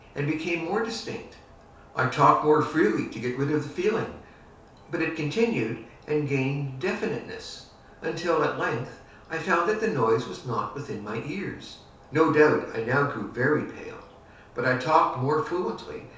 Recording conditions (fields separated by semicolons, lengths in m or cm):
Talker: one person; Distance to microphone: 3.0 m; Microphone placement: far; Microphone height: 1.8 m; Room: small (3.7 m by 2.7 m); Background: none